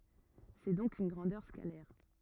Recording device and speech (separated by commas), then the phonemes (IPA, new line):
rigid in-ear microphone, read sentence
sɛ dɔ̃k yn ɡʁɑ̃dœʁ skalɛʁ